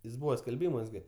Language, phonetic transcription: Lithuanian, jis ˈbūva skelˈbymuos ˈgi

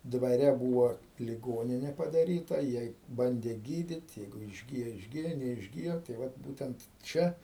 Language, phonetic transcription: Lithuanian, dvaˈre ˈbūvo liˈgonine padaˈryta ˈjiej ˈbandė ˈgydyt' ˈjeigu išˈgijo išˈgijo neišˈgijo tai ˈvat ˈbūtent ˈčia

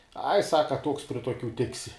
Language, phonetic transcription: Lithuanian, ai ˈsaka toks pri toˈkių ˈtiksi

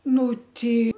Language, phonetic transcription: Lithuanian, ˈnu ˈtei

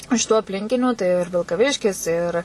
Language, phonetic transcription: Lithuanian, iš tų apˈlinkinių tai ir vilkaˈviškis ir

